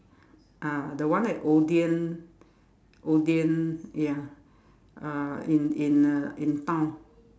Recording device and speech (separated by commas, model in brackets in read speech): standing microphone, conversation in separate rooms